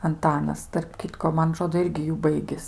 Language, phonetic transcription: Lithuanian, anˈtanas tarp ˈkitko ˈman aˈtrodo ˈirgi ˈjų ˈbaigis

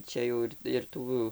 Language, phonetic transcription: Lithuanian, ˈčia jau ir ir ˈtų

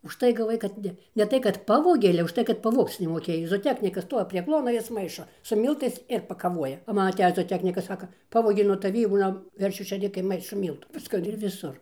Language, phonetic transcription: Lithuanian, užˈtai gaˈvai kad ˈne ne ˈtai kad ˈpavogė ale už ˈtai kad paˈvogc nemoˈkėj zooˈteknikas ˈstuovi prie ˈkluona ˈjis ˈmaišo su ˈmyltais ir pakaˈvuoja o ˈman aˈtejis zooˈteknikas ˈsaka ˈpavogė nuo taˈvį ˈbuliam ˈveršių šėˈrikai ˈmaišo ˈmyltų ˈviska ir viˈsur

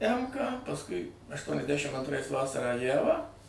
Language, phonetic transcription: Lithuanian, ˈemką pasˈkui aštuoniasˈdæšim antˈrais ˈvasarą ˈjævą

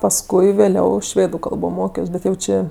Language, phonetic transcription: Lithuanian, pasˈkui vėˈliau ˈšvėdu ˈkalbo ˈmokios ˈbet jau ˈčė

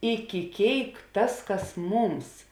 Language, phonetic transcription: Lithuanian, iki ˈkėik ˈtas ˈkas ˈmūms

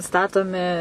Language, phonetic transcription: Lithuanian, ˈstatomi

